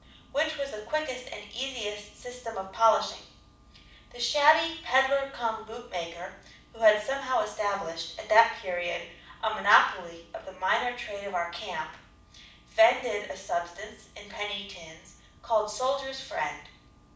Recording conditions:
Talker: one person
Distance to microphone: 5.8 m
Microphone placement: far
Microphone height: 1.8 m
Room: medium-sized (5.7 m by 4.0 m)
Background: none

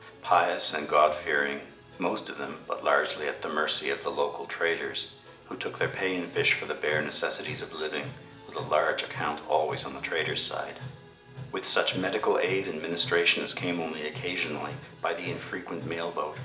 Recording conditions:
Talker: one person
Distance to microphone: 1.8 m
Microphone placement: close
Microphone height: 1.0 m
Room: large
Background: music

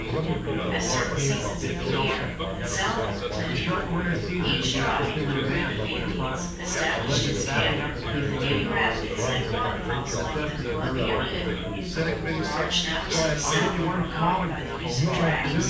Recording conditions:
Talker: one person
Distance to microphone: 9.8 m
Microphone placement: far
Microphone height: 1.8 m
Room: large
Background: babble

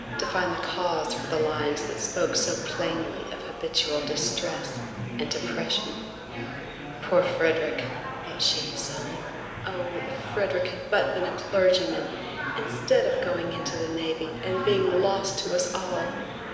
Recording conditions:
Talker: one person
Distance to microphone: 1.7 m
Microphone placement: close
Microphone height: 1.0 m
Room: very reverberant, large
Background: babble

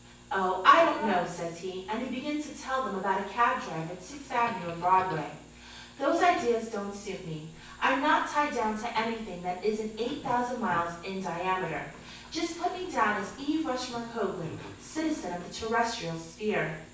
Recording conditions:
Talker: one person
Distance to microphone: 9.8 m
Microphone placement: far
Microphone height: 1.8 m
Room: large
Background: television

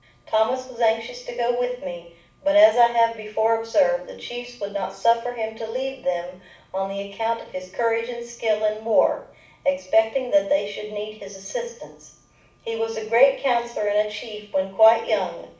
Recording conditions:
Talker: one person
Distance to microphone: 5.8 m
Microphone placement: far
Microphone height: 1.8 m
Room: medium-sized (5.7 m by 4.0 m)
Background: none

